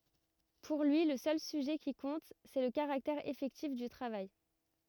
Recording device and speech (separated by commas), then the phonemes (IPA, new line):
rigid in-ear microphone, read sentence
puʁ lyi lə sœl syʒɛ ki kɔ̃t sɛ lə kaʁaktɛʁ efɛktif dy tʁavaj